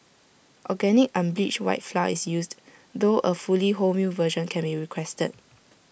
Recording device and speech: boundary microphone (BM630), read sentence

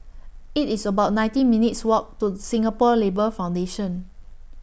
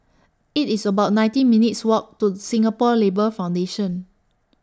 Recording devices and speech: boundary microphone (BM630), standing microphone (AKG C214), read sentence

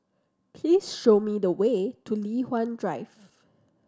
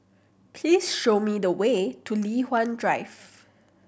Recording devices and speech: standing microphone (AKG C214), boundary microphone (BM630), read sentence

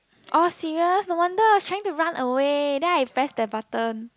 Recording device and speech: close-talking microphone, conversation in the same room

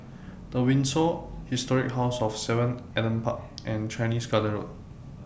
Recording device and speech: boundary microphone (BM630), read sentence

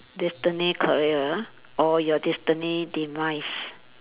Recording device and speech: telephone, conversation in separate rooms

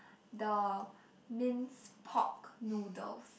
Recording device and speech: boundary microphone, conversation in the same room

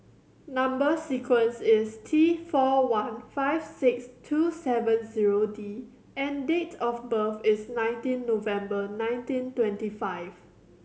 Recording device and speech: mobile phone (Samsung C7100), read sentence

